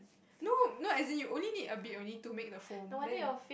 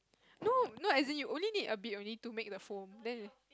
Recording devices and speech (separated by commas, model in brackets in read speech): boundary microphone, close-talking microphone, conversation in the same room